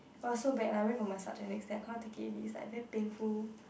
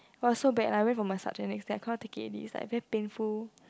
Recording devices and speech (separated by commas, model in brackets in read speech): boundary microphone, close-talking microphone, conversation in the same room